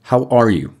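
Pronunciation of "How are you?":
'How are you?' is said with the intrusive pronunciation.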